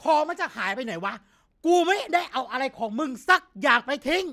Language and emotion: Thai, angry